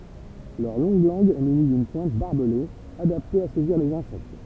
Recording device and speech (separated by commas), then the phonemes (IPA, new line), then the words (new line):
temple vibration pickup, read sentence
lœʁ lɔ̃ɡ lɑ̃ɡ ɛ myni dyn pwɛ̃t baʁbəle adapte a sɛziʁ lez ɛ̃sɛkt
Leur longue langue est munie d'une pointe barbelée, adaptée à saisir les insectes.